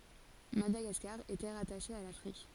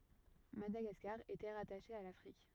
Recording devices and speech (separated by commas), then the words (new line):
forehead accelerometer, rigid in-ear microphone, read sentence
Madagascar était rattachée à l'Afrique.